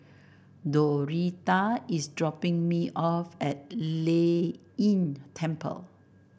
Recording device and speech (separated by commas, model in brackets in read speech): boundary microphone (BM630), read sentence